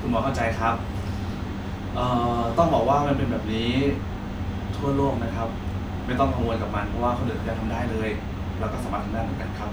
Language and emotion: Thai, neutral